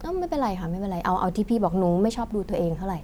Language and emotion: Thai, neutral